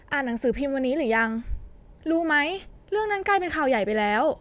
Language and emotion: Thai, frustrated